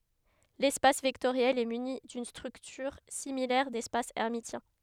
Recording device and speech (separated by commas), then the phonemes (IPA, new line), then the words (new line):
headset microphone, read sentence
lɛspas vɛktoʁjɛl ɛ myni dyn stʁyktyʁ similɛʁ dɛspas ɛʁmisjɛ̃
L'espace vectoriel est muni d'une structure similaire d'espace hermitien.